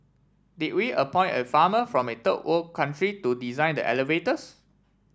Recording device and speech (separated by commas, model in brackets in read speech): standing microphone (AKG C214), read sentence